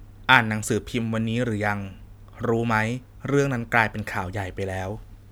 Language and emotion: Thai, neutral